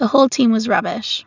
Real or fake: real